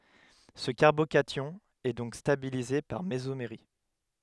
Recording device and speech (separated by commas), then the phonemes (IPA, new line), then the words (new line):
headset microphone, read sentence
sə kaʁbokasjɔ̃ ɛ dɔ̃k stabilize paʁ mezomeʁi
Ce carbocation est donc stabilisé par mésomérie.